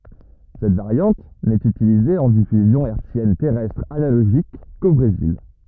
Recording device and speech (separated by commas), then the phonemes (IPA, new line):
rigid in-ear microphone, read sentence
sɛt vaʁjɑ̃t nɛt ytilize ɑ̃ difyzjɔ̃ ɛʁtsjɛn tɛʁɛstʁ analoʒik ko bʁezil